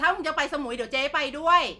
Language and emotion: Thai, neutral